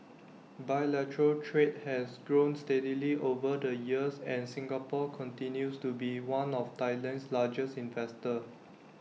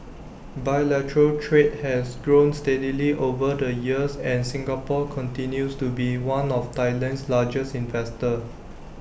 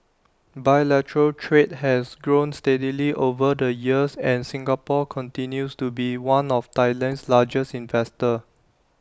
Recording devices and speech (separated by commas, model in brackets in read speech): mobile phone (iPhone 6), boundary microphone (BM630), standing microphone (AKG C214), read sentence